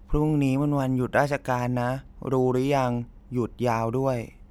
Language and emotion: Thai, sad